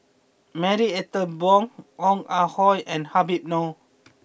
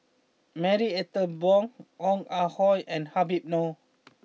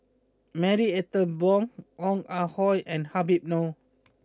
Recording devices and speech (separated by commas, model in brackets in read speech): boundary microphone (BM630), mobile phone (iPhone 6), close-talking microphone (WH20), read sentence